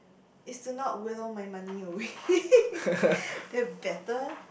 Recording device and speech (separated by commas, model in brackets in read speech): boundary microphone, conversation in the same room